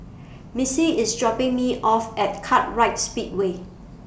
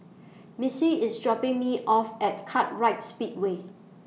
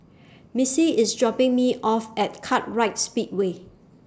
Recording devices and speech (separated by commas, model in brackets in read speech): boundary microphone (BM630), mobile phone (iPhone 6), standing microphone (AKG C214), read sentence